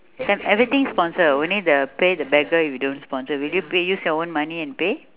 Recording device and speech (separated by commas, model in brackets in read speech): telephone, conversation in separate rooms